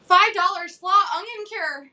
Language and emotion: English, surprised